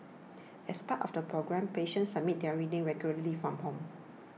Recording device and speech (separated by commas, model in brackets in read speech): mobile phone (iPhone 6), read sentence